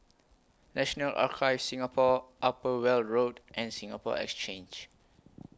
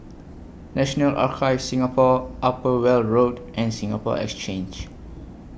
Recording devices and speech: close-talking microphone (WH20), boundary microphone (BM630), read sentence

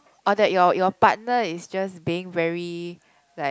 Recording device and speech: close-talking microphone, conversation in the same room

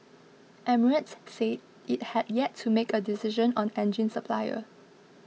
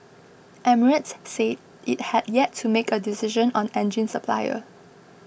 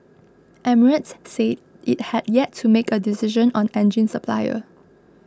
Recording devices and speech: mobile phone (iPhone 6), boundary microphone (BM630), close-talking microphone (WH20), read sentence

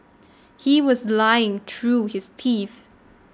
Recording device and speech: standing microphone (AKG C214), read sentence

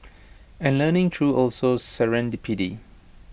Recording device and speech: boundary microphone (BM630), read sentence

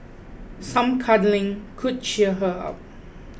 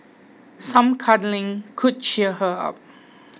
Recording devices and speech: boundary microphone (BM630), mobile phone (iPhone 6), read sentence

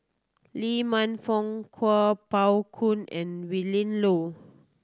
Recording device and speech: standing microphone (AKG C214), read sentence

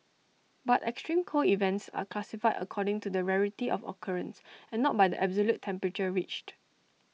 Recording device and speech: mobile phone (iPhone 6), read sentence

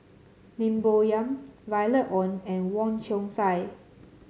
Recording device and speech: mobile phone (Samsung C7), read sentence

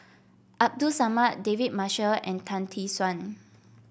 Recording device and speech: boundary microphone (BM630), read sentence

